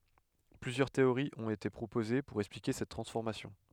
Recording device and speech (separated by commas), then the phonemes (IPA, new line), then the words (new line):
headset microphone, read sentence
plyzjœʁ teoʁiz ɔ̃t ete pʁopoze puʁ ɛksplike sɛt tʁɑ̃sfɔʁmasjɔ̃
Plusieurs théories ont été proposées pour expliquer cette transformation.